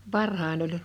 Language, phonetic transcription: Finnish, varh̳ain ‿oĺ .
- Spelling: varhain oli

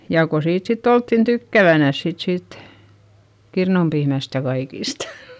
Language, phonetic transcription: Finnish, jà ko siit sitt ‿olttin tykkävänäs sit siit , kirnumpiimäst ja kaikistA .
- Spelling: ja kun siitä sitten oltiin tykkäävänänsä sitten siitä kirnupiimästä ja kaikista

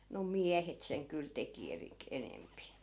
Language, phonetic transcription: Finnish, no "miähet seŋ kyl 'teki 'erik- , 'enempi .
- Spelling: no miehet sen kyllä teki - enempi

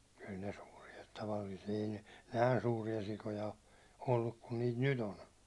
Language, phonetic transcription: Finnish, kyl ne 'suurie tavalliisie ei ne , 'nä̀i̬n 'suuri₍a sikoja o , olluk kun niit 'nyt ‿on .
- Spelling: kyllä ne suuria tavallisia ei ne näin suuria sikoja ole ollut kuin niitä nyt on

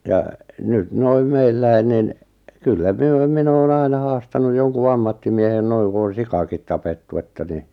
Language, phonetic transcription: Finnish, ja , 'nyt 'noiᵐ "meilläi 'nin , 'kyllä 'myö , 'min ‿oon 'aina 'haastanu 'joŋku "ammattimiehen 'noiŋ ku on̬ "sikakit 'tapettu että ni ,.
- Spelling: ja nyt noin meillä niin kyllä me minä olen aina haastanut jonkun ammattimiehen noin kun on sikakin tapettu että niin

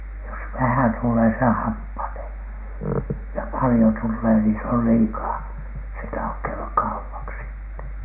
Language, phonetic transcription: Finnish, jos "vähän 'tullee se "happanee , ja "palⁱjo 'tullee ni se ol "liikaa , se ei 'tahok käyʷäk "kaupaksi ‿tte .
- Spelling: jos vähän tulee se happanee ja paljon tulee niin se oli liikaa se ei tahdo käydä kaupaksi -

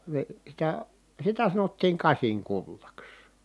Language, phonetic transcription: Finnish, ve- , sitä , sitä sanottiiŋ kasiŋkullaks .
- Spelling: - sitä sitä sanottiin kasinkullaksi

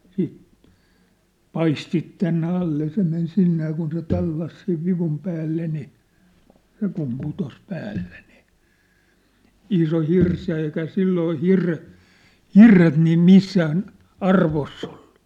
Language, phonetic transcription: Finnish, siit , "paistit tänne 'alle ja se men 'sinne ja kun se 'tallas sev 'vivum päälle ni , 'se kum 'putos 'päälle ni , 'iso "hirs ja eikä "silloo "hirre- , "hirret niim "missään , "arvoss ‿ᴏʟʟᴜ .
- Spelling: sitten paistit tänne alle ja se meni sinne ja kun se tallasi sen vivun päälle niin se kun putosi päälle niin iso hirsi ja eikä silloin - hirret niin missään arvossa ollut

